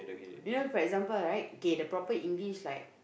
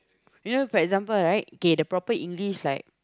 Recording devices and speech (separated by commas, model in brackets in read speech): boundary microphone, close-talking microphone, conversation in the same room